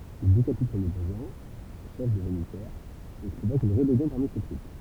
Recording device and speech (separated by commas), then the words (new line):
temple vibration pickup, read sentence
Il décapite son opposant, chef des janissaires, et provoque une rébellion parmi ses troupes.